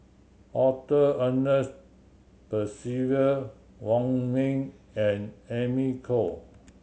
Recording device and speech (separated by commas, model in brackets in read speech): mobile phone (Samsung C7100), read sentence